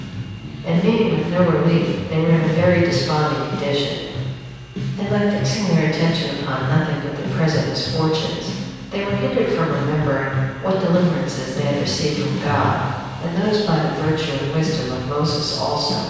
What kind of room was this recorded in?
A large, echoing room.